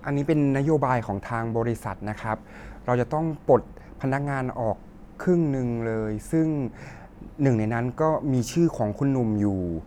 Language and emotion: Thai, neutral